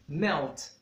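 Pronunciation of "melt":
In 'melt', the final t is a true T and is clearly heard.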